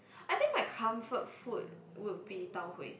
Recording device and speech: boundary microphone, conversation in the same room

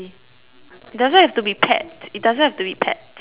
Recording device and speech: telephone, conversation in separate rooms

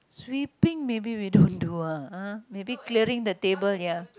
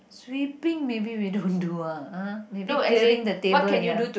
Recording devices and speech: close-talking microphone, boundary microphone, conversation in the same room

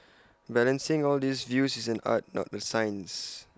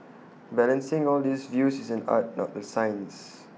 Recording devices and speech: close-talking microphone (WH20), mobile phone (iPhone 6), read sentence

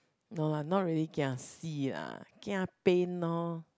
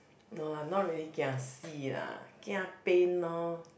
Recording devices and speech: close-talking microphone, boundary microphone, conversation in the same room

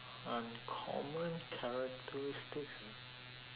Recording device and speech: telephone, conversation in separate rooms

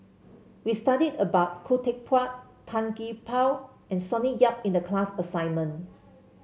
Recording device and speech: mobile phone (Samsung C7), read sentence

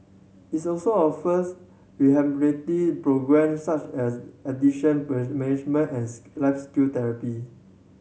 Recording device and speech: mobile phone (Samsung C7100), read sentence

